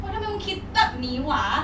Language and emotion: Thai, frustrated